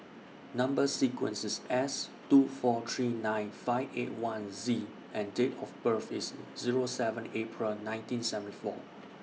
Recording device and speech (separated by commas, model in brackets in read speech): mobile phone (iPhone 6), read sentence